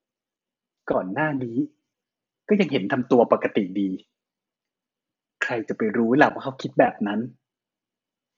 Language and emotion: Thai, frustrated